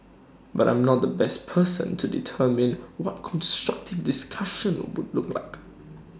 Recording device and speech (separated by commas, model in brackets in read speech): standing microphone (AKG C214), read sentence